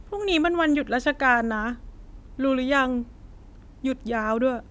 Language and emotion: Thai, sad